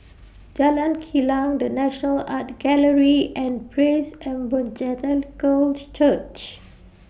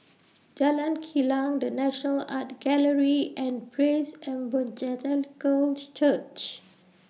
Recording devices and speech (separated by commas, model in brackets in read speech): boundary microphone (BM630), mobile phone (iPhone 6), read sentence